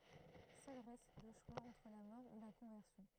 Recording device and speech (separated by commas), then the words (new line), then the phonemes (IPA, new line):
throat microphone, read sentence
Seul reste le choix entre la mort ou la conversion.
sœl ʁɛst lə ʃwa ɑ̃tʁ la mɔʁ u la kɔ̃vɛʁsjɔ̃